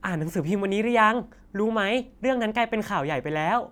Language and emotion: Thai, happy